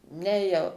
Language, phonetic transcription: Lithuanian, ˈne jau

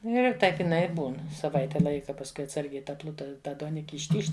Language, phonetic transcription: Lithuanian, ˈnu ir ˈtaip iˈnai i ˈbūn saˈvaite ˈlaika pasˈkui atˈsargiai ˈta ˈpluta ˈta duoˈniki išˈtyžt

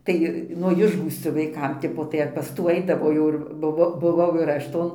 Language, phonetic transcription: Lithuanian, ˈtai nuo ˈišgųscio vaiˈkam ˈtipo tai ar pas ˈtų ˈaidavo jau ˈir buˈvo buˈvau ir ˈaš ˈton

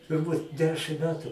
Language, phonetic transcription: Lithuanian, turˈbūt ˈdešim ˈmetu

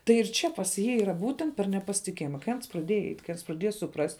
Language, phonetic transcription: Lithuanian, tai ir ˈčia pas ˈjį yˈra ˈbūtent per nepasitiˈkėjima kai ˈans praˈdėja eit' kai praˈdėja suˈprast'

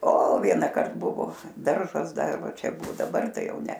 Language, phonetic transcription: Lithuanian, o ˈvienąkart ˈbuvo ˈdaržas ˈdar ˈva ˈčia ˈbu daˈbar ˈtai ˈjau ˈne

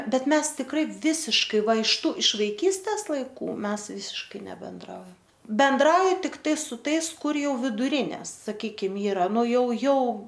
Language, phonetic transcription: Lithuanian, ˈbet ˈmes tikˈrai ˈvisiškai ˈva iš ˈtų iš vaiˈkystes laiˈkų ˈmes ˈvisiškai nebenˈdraujam benˈdrauji tikˈtai su ˈtais ˈkur ˈjau viduˈrines saˈkykim ˈyra ˈnu ˈjau ˈjau

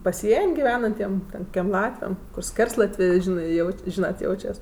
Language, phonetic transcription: Lithuanian, paˈsien' giˈvenantiem ten kukiem ˈlatviam kur ˈskerslatvė ˈžinɜ ˈjaut' ˈžynat ˈjaučias

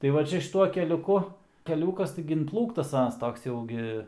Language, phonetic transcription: Lithuanian, tai ˈva ˈčia šiˈtuo keliuˈku keˈliūkas ˈtaigi inˈplūktas ˈanas ˈtoks ˈjau gi

